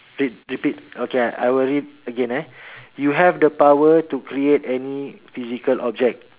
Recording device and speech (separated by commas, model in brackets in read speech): telephone, conversation in separate rooms